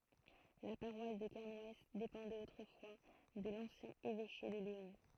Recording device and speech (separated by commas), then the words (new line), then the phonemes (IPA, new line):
throat microphone, read sentence
La paroisse de Kernouës dépendait autrefois de l'ancien évêché de Léon.
la paʁwas də kɛʁnw depɑ̃dɛt otʁəfwa də lɑ̃sjɛ̃ evɛʃe də leɔ̃